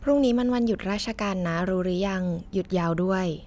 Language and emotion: Thai, neutral